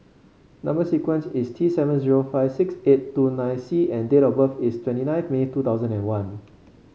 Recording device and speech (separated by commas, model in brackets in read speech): mobile phone (Samsung C5), read sentence